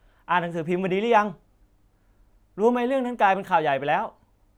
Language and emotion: Thai, frustrated